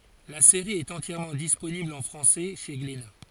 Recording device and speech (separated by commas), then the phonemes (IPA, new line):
forehead accelerometer, read sentence
la seʁi ɛt ɑ̃tjɛʁmɑ̃ disponibl ɑ̃ fʁɑ̃sɛ ʃe ɡlena